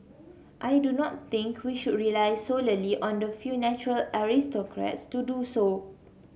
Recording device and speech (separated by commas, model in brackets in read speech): mobile phone (Samsung C7), read sentence